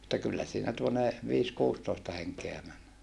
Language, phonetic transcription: Finnish, että kyllä siinä tuone , viis - kuustoista heŋkeä män .
- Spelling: että kyllä siinä tuonne - viisi-kuusitoista henkeä meni

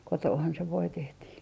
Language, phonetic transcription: Finnish, 'kotoohan se 'voi 'tehtii .
- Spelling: kotonahan se voi tehtiin

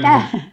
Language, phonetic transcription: Finnish, tä ?
- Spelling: mitä

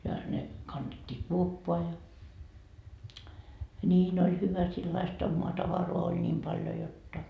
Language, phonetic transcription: Finnish, ja ne , kannet́t́ii 'kuoppoa ja , "niin ‿oĺ 'hyvä sillaist ommoa 'tavaroa oĺ ńiim 'paljo 'jotta .
- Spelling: ja ne kannettiin kuoppaan ja niin oli hyvä sellaista omaa tavaraa oli niin paljon jotta

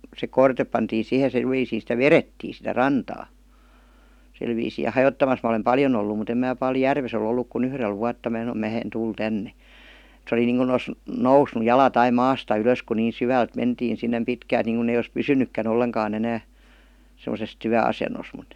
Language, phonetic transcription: Finnish, se 'korte§ pantii 'sihe se§lviisii sitä "verettii sitä "rantaa , silviisii ja "hajottamas mä olem ''paljon ‿ollu mut ‿em mää pal järves ‿o'l ‿olluk ku'n ‿yhrel vuatta mää (saⁿᵒm) "mää en 'tul 'tänne , se oli niiŋku os , "nousnu "jalat ai "maasta ylös ku nii "syvält mentiin sinnem 'pitkält nìŋkun ‿ei ois "pysynykkä'n ‿olleŋkaa'n ‿enää , sem°ses "tyä₍asenos mut ,.
- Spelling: se korte pantiin siihen sillä viisiin sitä vedettiin sitä rantaa sillä viisiin ja hajottamassa minä olen paljon ollut mutta en minä paljon järvessä ole ollut kuin yhdellä vuotta minä sanoin minä en tule tänne se oli niin kuin olisi noussut jalat aina maasta ylös kun niin syvältä mentiin sinne pitkältä niin kuin ei olisi pysynytkään ollenkaan enää semmoisessa työasennossa mutta

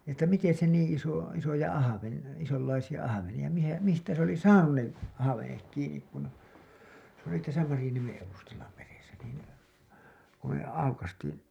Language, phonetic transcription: Finnish, että 'miten̬ se niiḭ iso , isoja 'ahaveni- , isollaisija 'ahaveniʲa , mihä , mistä se ‿oli "saanun ne ahavenek kiinik kun , se ‿oli täsä 'Marĭjaniemen evustalla meresä niin , ku me 'aukastiin .
- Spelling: että miten se niin iso isoja - isonlaisia ahvenia missä mistä se oli saanut ne ahvenet kiinni kun se oli tässä Marjaniemen edustalla meressä niin kun me aukaistiin

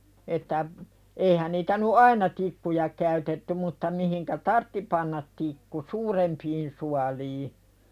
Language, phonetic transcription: Finnish, että , 'eihän niitä nu̳ "aina tikkuja käytetty mutta mi hiŋkä "tartti pannat 'tikku "suurempiin sualii .
- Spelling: että eihän niitä nyt aina tikkuja käytetty mutta - mihin tarvitsi panna tikku suurempiin suoliin

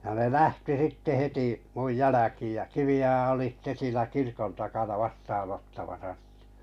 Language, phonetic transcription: Finnish, ja ne 'lähti 'sitte 'heti , muj 'jäläkiij ja 'Kivi₍oja oli sⁱtte siinä 'kirkon takana 'vastaanottamasa (sɪtᴀ̈) .
- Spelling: ja ne lähti sitten heti minun jälkiin ja Kivioja oli sitten siinä kirkon takana vastaanottamassa sitä

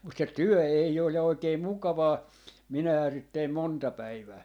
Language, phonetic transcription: Finnish, mut 'se "tyɔ̈̀ ei ol ja 'oikee "mukavaa , 'minähää sit teim "monta 'päivää .
- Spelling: mutta se työ ei ole ja oikein mukavaa minähän sitä tein monta päivää

